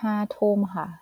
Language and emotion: Thai, neutral